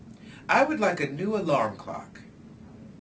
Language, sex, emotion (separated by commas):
English, male, neutral